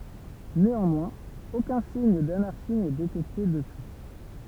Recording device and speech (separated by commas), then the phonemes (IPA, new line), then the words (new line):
temple vibration pickup, read sentence
neɑ̃mwɛ̃z okœ̃ siɲ danaʁʃi nɛ detɛkte dəpyi
Néanmoins aucun signe d'anarchie n'est détecté depuis.